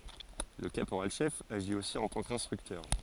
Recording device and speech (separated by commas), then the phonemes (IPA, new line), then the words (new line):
forehead accelerometer, read sentence
lə kapoʁalʃɛf aʒi osi ɑ̃ tɑ̃ kɛ̃stʁyktœʁ
Le caporal-chef agit aussi en tant qu'instructeur.